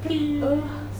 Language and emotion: Thai, sad